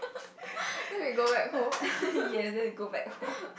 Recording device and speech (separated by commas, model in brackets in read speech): boundary microphone, conversation in the same room